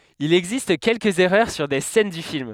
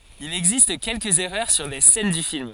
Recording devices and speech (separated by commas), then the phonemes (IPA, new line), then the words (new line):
headset microphone, forehead accelerometer, read sentence
il ɛɡzist kɛlkəz ɛʁœʁ syʁ de sɛn dy film
Il existe quelques erreurs sur des scènes du film.